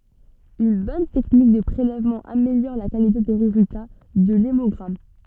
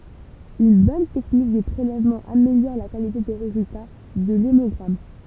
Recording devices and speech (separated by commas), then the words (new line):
soft in-ear microphone, temple vibration pickup, read sentence
Une bonne technique de prélèvement améliore la qualité des résultats de l’hémogramme.